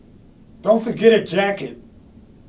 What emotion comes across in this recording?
angry